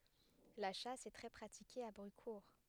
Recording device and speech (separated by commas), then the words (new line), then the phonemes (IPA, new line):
headset microphone, read sentence
La chasse est très pratiquée à Brucourt.
la ʃas ɛ tʁɛ pʁatike a bʁykuʁ